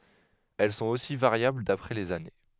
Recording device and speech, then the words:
headset microphone, read sentence
Elles sont aussi variables d'après les années.

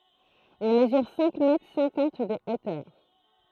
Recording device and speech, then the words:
throat microphone, read sentence
Il mesure cinq mètres cinquante de hauteur.

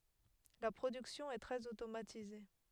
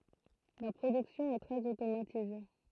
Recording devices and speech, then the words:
headset microphone, throat microphone, read sentence
La production est très automatisée.

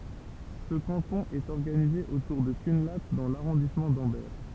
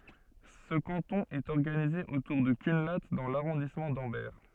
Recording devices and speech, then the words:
temple vibration pickup, soft in-ear microphone, read sentence
Ce canton est organisé autour de Cunlhat dans l'arrondissement d'Ambert.

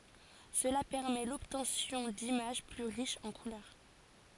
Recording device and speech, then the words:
forehead accelerometer, read sentence
Cela permet l'obtention d'images plus riches en couleurs.

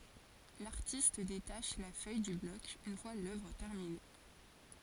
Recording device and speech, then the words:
forehead accelerometer, read sentence
L'artiste détache la feuille du bloc une fois l'œuvre terminée.

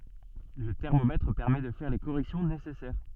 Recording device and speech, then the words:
soft in-ear microphone, read sentence
Le thermomètre permet de faire les corrections nécessaires.

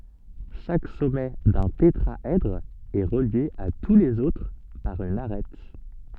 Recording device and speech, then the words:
soft in-ear microphone, read sentence
Chaque sommet d'un tétraèdre est relié à tous les autres par une arête.

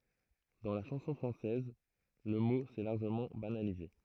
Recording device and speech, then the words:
throat microphone, read sentence
Dans la chanson française, le mot s'est largement banalisé.

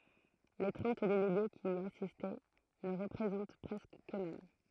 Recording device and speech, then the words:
throat microphone, read sentence
Les trente délégués qui y assistent ne représentent presque qu'eux-mêmes.

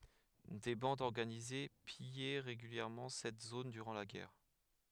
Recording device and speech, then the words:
headset microphone, read sentence
Des bandes organisées pillaient régulièrement cette zone durant la guerre.

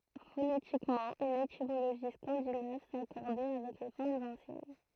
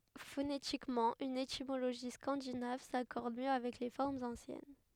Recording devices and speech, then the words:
throat microphone, headset microphone, read sentence
Phonétiquement une étymologie scandinave s'accorde mieux avec les formes anciennes.

